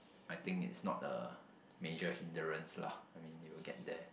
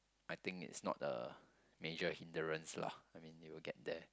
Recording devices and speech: boundary microphone, close-talking microphone, conversation in the same room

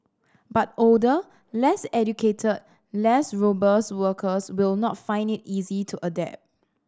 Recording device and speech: standing microphone (AKG C214), read sentence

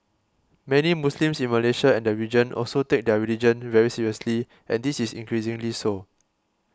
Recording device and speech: close-talking microphone (WH20), read sentence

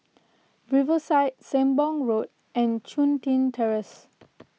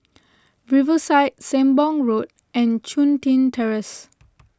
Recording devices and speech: mobile phone (iPhone 6), close-talking microphone (WH20), read sentence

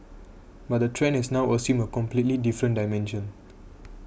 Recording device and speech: boundary microphone (BM630), read sentence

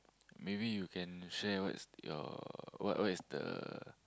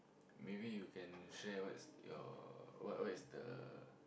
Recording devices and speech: close-talking microphone, boundary microphone, conversation in the same room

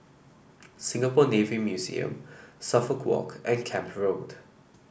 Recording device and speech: boundary microphone (BM630), read sentence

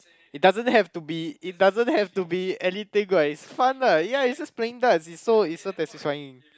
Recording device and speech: close-talking microphone, conversation in the same room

